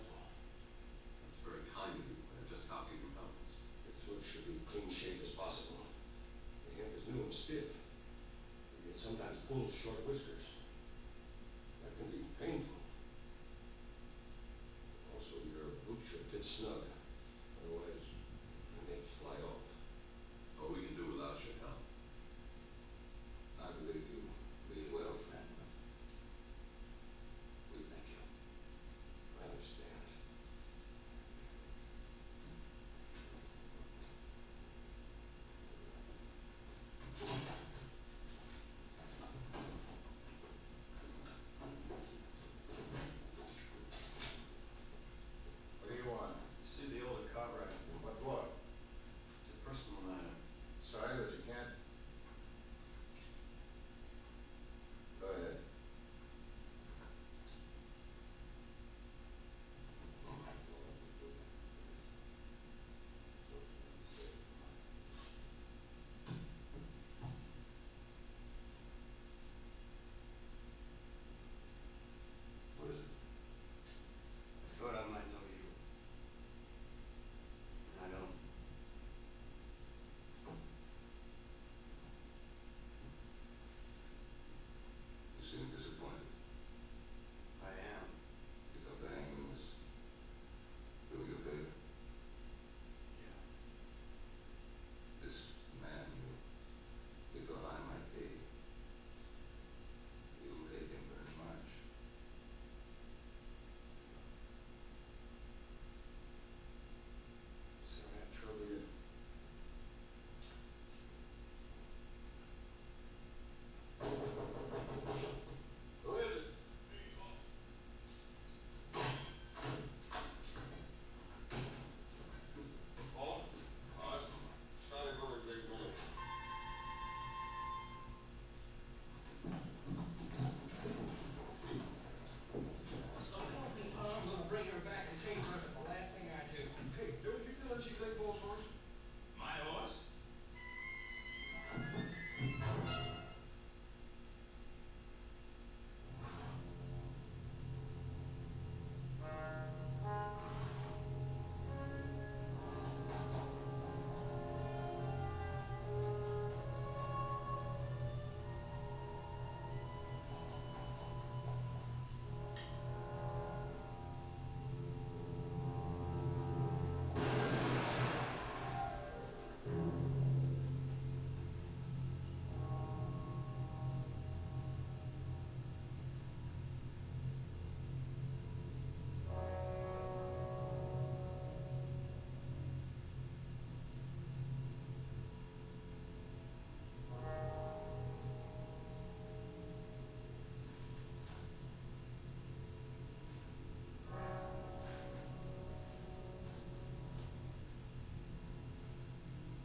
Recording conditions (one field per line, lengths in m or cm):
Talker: no one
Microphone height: 76 cm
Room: large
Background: television